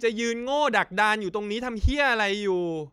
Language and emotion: Thai, angry